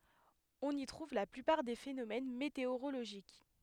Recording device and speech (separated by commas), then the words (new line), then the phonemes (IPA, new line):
headset microphone, read sentence
On y trouve la plupart des phénomènes météorologiques.
ɔ̃n i tʁuv la plypaʁ de fenomɛn meteoʁoloʒik